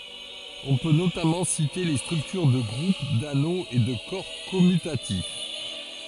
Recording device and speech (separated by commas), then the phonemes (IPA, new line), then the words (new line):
forehead accelerometer, read sentence
ɔ̃ pø notamɑ̃ site le stʁyktyʁ də ɡʁup dano e də kɔʁ kɔmytatif
On peut notamment citer les structures de groupe, d’anneau et de corps commutatif.